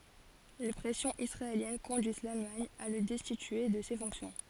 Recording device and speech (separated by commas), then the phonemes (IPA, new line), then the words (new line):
forehead accelerometer, read sentence
le pʁɛsjɔ̃z isʁaeljɛn kɔ̃dyiz lalmaɲ a lə dɛstitye də se fɔ̃ksjɔ̃
Les pressions israéliennes conduisent l'Allemagne à le destituer de ses fonctions.